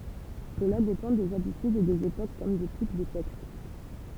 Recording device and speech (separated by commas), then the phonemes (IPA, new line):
temple vibration pickup, read sentence
səla depɑ̃ dez abitydz e dez epok kɔm de tip də tɛkst